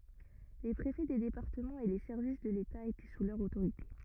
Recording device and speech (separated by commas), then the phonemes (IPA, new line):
rigid in-ear microphone, read sentence
le pʁefɛ de depaʁtəmɑ̃z e le sɛʁvis də leta etɛ su lœʁ otoʁite